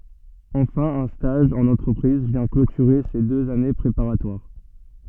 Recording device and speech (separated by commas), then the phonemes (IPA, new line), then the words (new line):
soft in-ear microphone, read sentence
ɑ̃fɛ̃ œ̃ staʒ ɑ̃n ɑ̃tʁəpʁiz vjɛ̃ klotyʁe se døz ane pʁepaʁatwaʁ
Enfin un stage en entreprise vient clôturer ces deux années préparatoires.